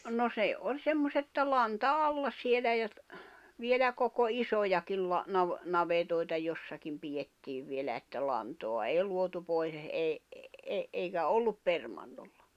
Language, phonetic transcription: Finnish, no 'sè 'oĺ 'semmoset [et]tä 'lanta 'alla sielä ja , vielä koko 'isojakil la- , nav- , 'navetòi̬ta 'jossakim 'pijettiiv vielä että 'lantoa 'èi 'luotu pois e- ei , eikä 'ollup 'permannollᴀ .
- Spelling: no se oli semmoiset että lanta alla siellä ja vielä koko isojakin - - navetoita jossakin pidettiin vielä että lantaa ei luotu pois - ei eikä ollut permannolla

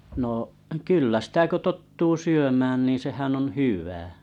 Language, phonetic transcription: Finnish, no’ , 'kyllä sⁱtä ko 'tottuu 'syömään niiⁱ̰ 'sehän ‿on "hyv̀ä .
- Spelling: no kyllä sitä kun tottuu syömään niin sehän on hyvä

